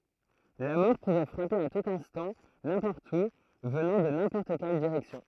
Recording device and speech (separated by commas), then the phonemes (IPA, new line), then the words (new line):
throat microphone, read sentence
la mɔʁ puvɛ fʁape a tut ɛ̃stɑ̃ nɛ̃pɔʁt u vənɑ̃ də nɛ̃pɔʁt kɛl diʁɛksjɔ̃
La mort pouvait frapper à tout instant, n'importe où, venant de n'importe quelle direction.